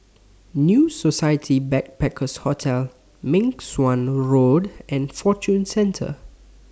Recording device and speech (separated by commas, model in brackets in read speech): standing microphone (AKG C214), read sentence